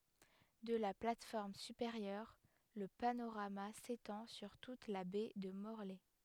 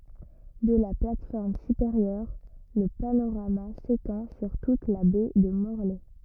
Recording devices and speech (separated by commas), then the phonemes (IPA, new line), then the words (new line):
headset microphone, rigid in-ear microphone, read sentence
də la plat fɔʁm sypeʁjœʁ lə panoʁama setɑ̃ syʁ tut la bɛ də mɔʁlɛ
De la plate-forme supérieure, le panorama s'étend sur toute la Baie de Morlaix.